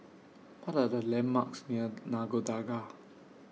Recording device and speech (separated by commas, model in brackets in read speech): mobile phone (iPhone 6), read sentence